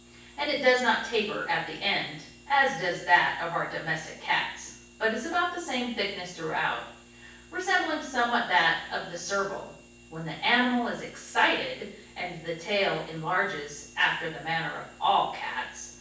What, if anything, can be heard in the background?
Nothing.